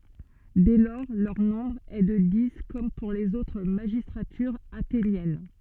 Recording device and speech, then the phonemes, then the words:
soft in-ear microphone, read sentence
dɛ lɔʁ lœʁ nɔ̃bʁ ɛ də di kɔm puʁ lez otʁ maʒistʁatyʁz atenjɛn
Dès lors, leur nombre est de dix, comme pour les autres magistratures athéniennes.

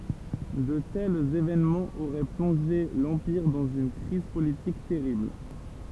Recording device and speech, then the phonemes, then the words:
temple vibration pickup, read sentence
də tɛlz evenmɑ̃z oʁɛ plɔ̃ʒe lɑ̃piʁ dɑ̃z yn kʁiz politik tɛʁibl
De tels événements auraient plongé l'Empire dans une crise politique terrible.

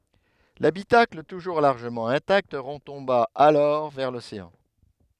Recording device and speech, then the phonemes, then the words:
headset microphone, read sentence
labitakl tuʒuʁ laʁʒəmɑ̃ ɛ̃takt ʁətɔ̃ba alɔʁ vɛʁ loseɑ̃
L'habitacle, toujours largement intact, retomba alors vers l'océan.

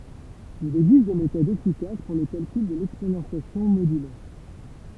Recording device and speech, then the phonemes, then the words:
temple vibration pickup, read sentence
il ɛɡzist de metodz efikas puʁ lə kalkyl də lɛksponɑ̃sjasjɔ̃ modylɛʁ
Il existe des méthodes efficaces pour le calcul de l'exponentiation modulaire.

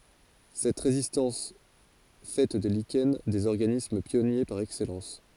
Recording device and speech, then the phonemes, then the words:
forehead accelerometer, read sentence
sɛt ʁezistɑ̃s fɛ de liʃɛn dez ɔʁɡanism pjɔnje paʁ ɛksɛlɑ̃s
Cette résistance fait des lichens des organismes pionniers par excellence.

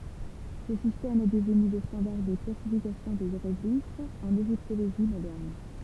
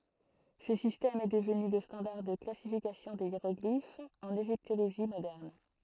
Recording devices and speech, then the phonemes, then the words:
temple vibration pickup, throat microphone, read sentence
sə sistɛm ɛ dəvny lə stɑ̃daʁ də klasifikasjɔ̃ de jeʁɔɡlifz ɑ̃n eʒiptoloʒi modɛʁn
Ce système est devenu le standard de classification des hiéroglyphes en égyptologie moderne.

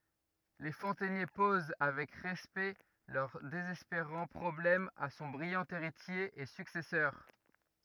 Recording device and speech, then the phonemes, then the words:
rigid in-ear microphone, read sentence
le fɔ̃tɛnje poz avɛk ʁɛspɛkt lœʁ dezɛspeʁɑ̃ pʁɔblɛm a sɔ̃ bʁijɑ̃ eʁitje e syksɛsœʁ
Les fontainiers posent avec respect leur désespérant problème à son brillant héritier et successeur.

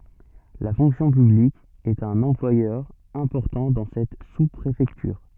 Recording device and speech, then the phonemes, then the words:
soft in-ear microphone, read sentence
la fɔ̃ksjɔ̃ pyblik ɛt œ̃n ɑ̃plwajœʁ ɛ̃pɔʁtɑ̃ dɑ̃ sɛt su pʁefɛktyʁ
La fonction publique est un employeur important dans cette sous-préfecture.

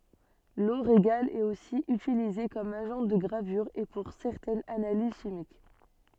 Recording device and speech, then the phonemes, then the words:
soft in-ear microphone, read sentence
lo ʁeɡal ɛt osi ytilize kɔm aʒɑ̃ də ɡʁavyʁ e puʁ sɛʁtɛnz analiz ʃimik
L'eau régale est aussi utilisée comme agent de gravure et pour certaines analyses chimiques.

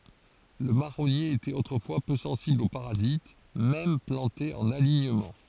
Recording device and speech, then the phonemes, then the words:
forehead accelerometer, read sentence
lə maʁɔnje etɛt otʁəfwa pø sɑ̃sibl o paʁazit mɛm plɑ̃te ɑ̃n aliɲəmɑ̃
Le marronnier était autrefois peu sensible aux parasites, même planté en alignement.

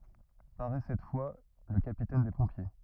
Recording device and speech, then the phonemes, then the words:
rigid in-ear microphone, read sentence
paʁɛ sɛt fwa lə kapitɛn de pɔ̃pje
Paraît cette fois le capitaine des pompiers.

